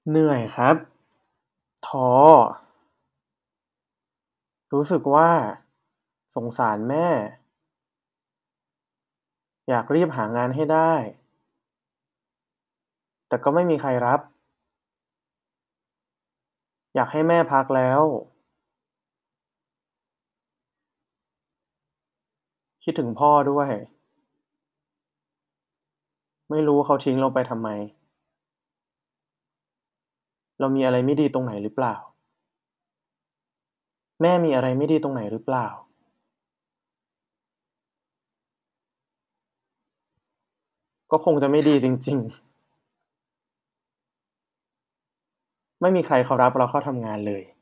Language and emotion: Thai, frustrated